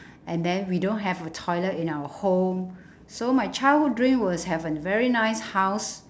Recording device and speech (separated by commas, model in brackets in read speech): standing microphone, conversation in separate rooms